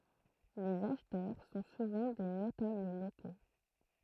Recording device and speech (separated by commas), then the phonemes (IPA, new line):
throat microphone, read sentence
lez aʃtœʁ sɔ̃ suvɑ̃ de notabl loko